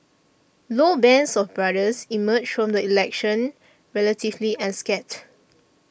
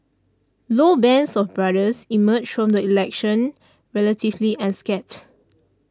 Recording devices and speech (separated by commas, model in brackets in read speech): boundary microphone (BM630), standing microphone (AKG C214), read sentence